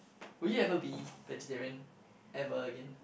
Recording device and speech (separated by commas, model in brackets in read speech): boundary microphone, conversation in the same room